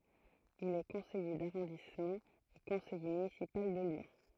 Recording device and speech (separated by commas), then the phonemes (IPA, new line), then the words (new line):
throat microphone, read sentence
il ɛ kɔ̃sɛje daʁɔ̃dismɑ̃ e kɔ̃sɛje mynisipal də ljɔ̃
Il est Conseiller d'arrondissement et Conseiller Municipal de Lyon.